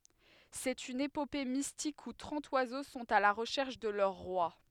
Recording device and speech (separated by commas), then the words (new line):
headset microphone, read sentence
C'est une épopée mystique où trente oiseaux sont à la recherche de leur Roi.